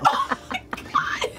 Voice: squeakily